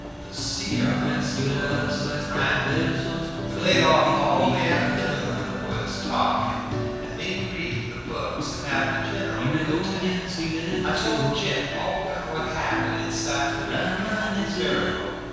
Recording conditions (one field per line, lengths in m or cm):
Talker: one person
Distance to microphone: 7.1 m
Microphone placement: far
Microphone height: 1.7 m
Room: very reverberant, large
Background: music